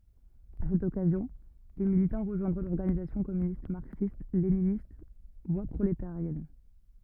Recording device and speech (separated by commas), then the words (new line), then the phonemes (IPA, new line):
rigid in-ear microphone, read sentence
À cette occasion, des militants rejoindront l'Organisation communiste marxiste-léniniste – Voie prolétarienne.
a sɛt ɔkazjɔ̃ de militɑ̃ ʁəʒwɛ̃dʁɔ̃ lɔʁɡanizasjɔ̃ kɔmynist maʁksistleninist vwa pʁoletaʁjɛn